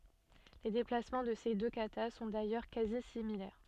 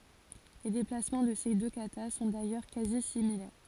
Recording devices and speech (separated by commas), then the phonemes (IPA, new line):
soft in-ear microphone, forehead accelerometer, read sentence
le deplasmɑ̃ də se dø kata sɔ̃ dajœʁ kazi similɛʁ